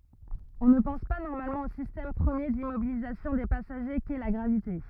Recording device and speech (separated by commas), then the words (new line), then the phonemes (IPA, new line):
rigid in-ear microphone, read sentence
On ne pense pas normalement au système premier d'immobilisation des passagers qu'est la gravité.
ɔ̃ nə pɑ̃s pa nɔʁmalmɑ̃ o sistɛm pʁəmje dimmobilizasjɔ̃ de pasaʒe kɛ la ɡʁavite